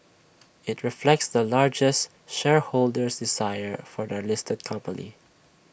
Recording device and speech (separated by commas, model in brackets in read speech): boundary microphone (BM630), read sentence